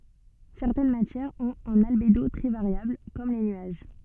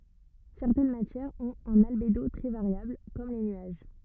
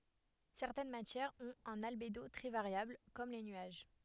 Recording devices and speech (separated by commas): soft in-ear microphone, rigid in-ear microphone, headset microphone, read sentence